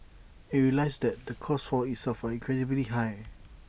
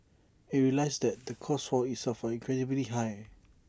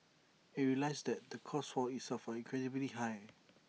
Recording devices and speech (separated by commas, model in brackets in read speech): boundary microphone (BM630), standing microphone (AKG C214), mobile phone (iPhone 6), read sentence